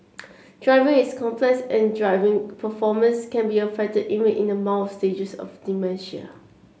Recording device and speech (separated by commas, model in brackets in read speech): mobile phone (Samsung C7), read sentence